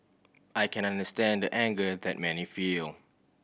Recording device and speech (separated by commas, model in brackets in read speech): boundary microphone (BM630), read sentence